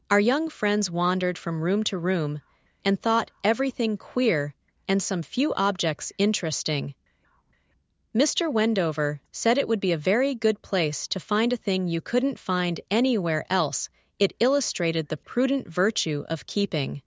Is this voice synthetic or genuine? synthetic